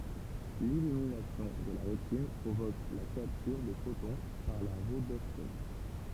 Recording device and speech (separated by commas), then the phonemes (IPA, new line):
temple vibration pickup, read sentence
lilyminasjɔ̃ də la ʁetin pʁovok la kaptyʁ də fotɔ̃ paʁ la ʁodɔpsin